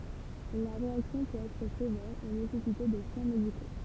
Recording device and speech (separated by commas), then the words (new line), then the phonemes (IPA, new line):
temple vibration pickup, read sentence
La réaction peut être sévère et nécessiter des soins médicaux.
la ʁeaksjɔ̃ pøt ɛtʁ sevɛʁ e nesɛsite de swɛ̃ mediko